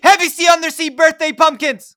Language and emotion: English, surprised